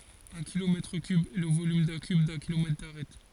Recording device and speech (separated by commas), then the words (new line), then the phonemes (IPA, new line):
forehead accelerometer, read sentence
Un kilomètre cube est le volume d'un cube d'un kilomètre d'arête.
œ̃ kilomɛtʁ kyb ɛ lə volym dœ̃ kyb dœ̃ kilomɛtʁ daʁɛt